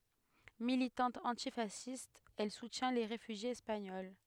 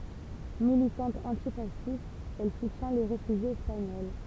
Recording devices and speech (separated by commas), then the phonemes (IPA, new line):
headset microphone, temple vibration pickup, read sentence
militɑ̃t ɑ̃tifasist ɛl sutjɛ̃ le ʁefyʒjez ɛspaɲɔl